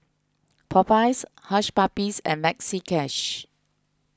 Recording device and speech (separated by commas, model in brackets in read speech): close-talking microphone (WH20), read sentence